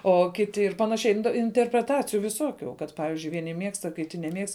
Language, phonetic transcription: Lithuanian, o ˈkiti ir ˈpanaˌšiai inte interpreˈtaciju viˈsuokiu kad ˈpavizdžiui vieˈni ˈmiegsta kiˈti neˈmiegst

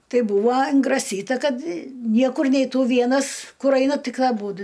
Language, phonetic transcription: Lithuanian, ˈtai ˈbūvo ingraˈsyta ˈkad ˈniekur neiˈtų ˈvienas ˈkur ˈaina ˈtik aˈbūdu

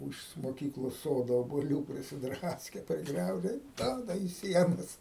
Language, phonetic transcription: Lithuanian, ˈūž moˈkyklos ˈsodo obuoˈlių prisiˈdraske priˈgriauže i ˈduoda į ˈsienas

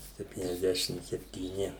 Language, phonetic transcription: Lithuanian, septyniasˈdešim septyˈni

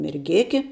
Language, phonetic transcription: Lithuanian, merˈgėki

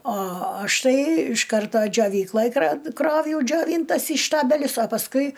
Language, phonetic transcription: Lithuanian, o ˈaš ˈtai iš ˈkarto džioˈvykloj kra ˈkrovjau džioˈvyntas į ˈštabelius o pasˈkui

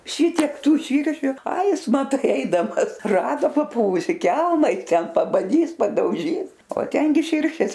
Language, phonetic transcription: Lithuanian, ˈšitiek ˈtų ˈšyršiu ai ˈjis maˈtai ˈeidamas ˈrado paˈpuvusi ˈkelma i ˈten pabaˈdys padauˈžys o ˈtengi ˈširšės

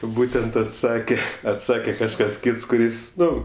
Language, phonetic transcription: Lithuanian, ˈbūtent atˈsake atˈsake kažˈkas ˈkyts kuˈris ˈnu

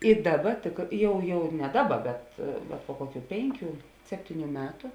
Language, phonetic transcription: Lithuanian, i ˈdaˌba tik ˈjau jau ne ˈdaˌba bet bet po ˈkoˌkių ˈpėnˌkių ˈseptiˌnių ˈmetu

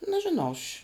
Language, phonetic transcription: Lithuanian, nežiˈnau aš'

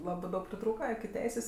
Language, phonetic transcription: Lithuanian, ˈlabɜ ˈdaug priˈtrūka iki ˈteisės

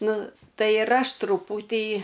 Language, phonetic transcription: Lithuanian, ˈnu ˈtai ir ˈaš truˈpūtį

